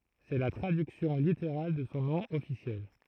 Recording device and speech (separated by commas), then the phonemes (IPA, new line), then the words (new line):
throat microphone, read sentence
sɛ la tʁadyksjɔ̃ liteʁal də sɔ̃ nɔ̃ ɔfisjɛl
C'est la traduction littérale de son nom officiel.